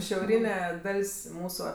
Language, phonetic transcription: Lithuanian, šiauˈryne ˈdal's' ˈmūsu

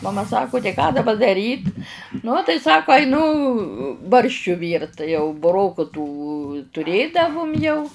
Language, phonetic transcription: Lithuanian, maˈma ˈsaku tai ką daˈba daˈryt nu tai ˈsako aiˈnu ˈbarščiu ˈvyrt tai jau buˈroku tų tuˈrėdavum jau

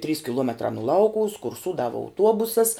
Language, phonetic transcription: Lithuanian, trys kiˈluometrā nu ˈlaukuvus kurˈsūdava auˈtuobusas

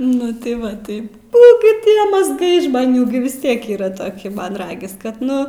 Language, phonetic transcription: Lithuanian, ˈnu tai ˈva ˈtai ˈnu gi ˈtie mazˈgai žmaˈnių gi vis ˈtiek ˈyra toˈki ˈman ˈragis kad ˈnu

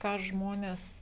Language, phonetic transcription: Lithuanian, ką ˈžmonės

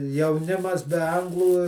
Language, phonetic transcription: Lithuanian, jauˈnimas be ˈanglų

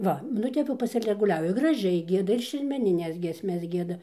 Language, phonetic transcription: Lithuanian, ˈva nu ˈtep jau pasileguˈliavi graˈžiai ˈgieda ir šermeniˈnes giesˈmes ˈgieda

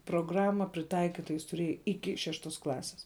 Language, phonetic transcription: Lithuanian, progˈrama priˈtaikita jis tuˈrėja ˈiki ˈšeštos ˈklasis

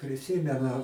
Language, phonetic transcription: Lithuanian, priˈsymenu

